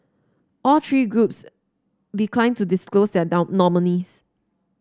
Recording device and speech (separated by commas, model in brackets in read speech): standing microphone (AKG C214), read sentence